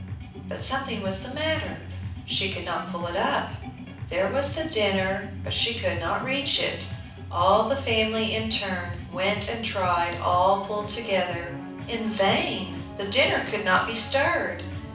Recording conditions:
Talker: one person; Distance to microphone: 5.8 m; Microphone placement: far; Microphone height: 1.8 m; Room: medium-sized (5.7 m by 4.0 m); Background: music

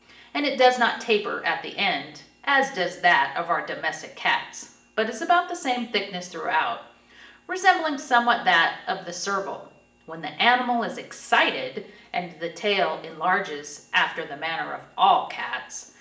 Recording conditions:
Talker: one person; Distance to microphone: 1.8 m; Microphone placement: close; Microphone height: 1.0 m; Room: large; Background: none

